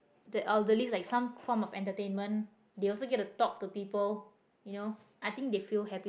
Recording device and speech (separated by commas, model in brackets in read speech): boundary microphone, conversation in the same room